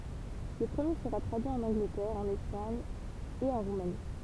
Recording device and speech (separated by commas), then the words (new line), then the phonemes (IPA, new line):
temple vibration pickup, read sentence
Le premier sera traduit en Angleterre, en Espagne et en Roumanie.
lə pʁəmje səʁa tʁadyi ɑ̃n ɑ̃ɡlətɛʁ ɑ̃n ɛspaɲ e ɑ̃ ʁumani